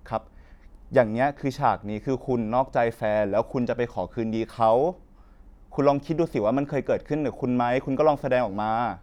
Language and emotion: Thai, neutral